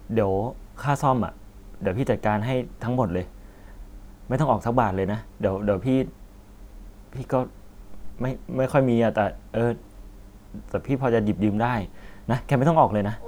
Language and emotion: Thai, sad